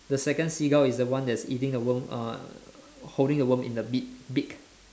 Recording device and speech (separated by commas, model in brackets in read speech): standing microphone, conversation in separate rooms